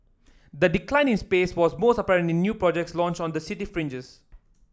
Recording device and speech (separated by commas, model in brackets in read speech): standing microphone (AKG C214), read sentence